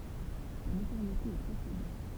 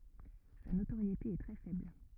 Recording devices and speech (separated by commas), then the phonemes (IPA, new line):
temple vibration pickup, rigid in-ear microphone, read sentence
sa notoʁjete ɛ tʁɛ fɛbl